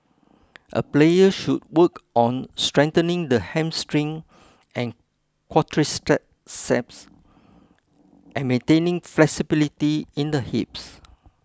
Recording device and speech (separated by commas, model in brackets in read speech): close-talking microphone (WH20), read sentence